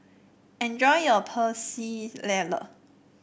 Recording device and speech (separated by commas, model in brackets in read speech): boundary microphone (BM630), read sentence